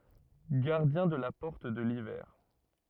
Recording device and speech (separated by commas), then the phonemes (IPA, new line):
rigid in-ear microphone, read sentence
ɡaʁdjɛ̃ də la pɔʁt də livɛʁ